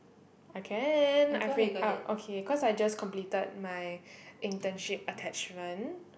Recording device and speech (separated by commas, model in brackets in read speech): boundary microphone, conversation in the same room